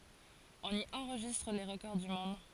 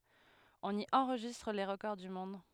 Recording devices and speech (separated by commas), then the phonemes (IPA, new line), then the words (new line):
forehead accelerometer, headset microphone, read sentence
ɔ̃n i ɑ̃ʁʒistʁ le ʁəkɔʁ dy mɔ̃d
On y enregistre les records du monde.